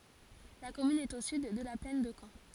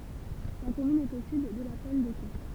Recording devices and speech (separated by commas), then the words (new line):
forehead accelerometer, temple vibration pickup, read sentence
La commune est au sud de la plaine de Caen.